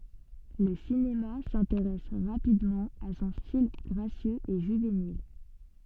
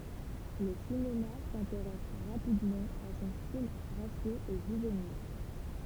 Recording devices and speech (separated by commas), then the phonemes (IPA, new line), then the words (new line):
soft in-ear microphone, temple vibration pickup, read sentence
lə sinema sɛ̃teʁɛs ʁapidmɑ̃ a sɔ̃ stil ɡʁasjøz e ʒyvenil
Le cinéma s'intéresse rapidement à son style gracieux et juvénile.